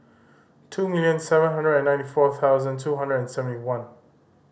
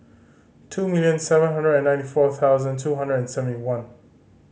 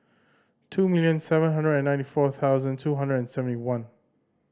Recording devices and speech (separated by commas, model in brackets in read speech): boundary microphone (BM630), mobile phone (Samsung C5010), standing microphone (AKG C214), read sentence